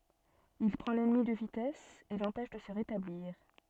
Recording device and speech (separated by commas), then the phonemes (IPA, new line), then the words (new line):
soft in-ear microphone, read sentence
il pʁɑ̃ lɛnmi də vitɛs e lɑ̃pɛʃ də sə ʁetabliʁ
Il prend l'ennemi de vitesse et l'empêche de se rétablir.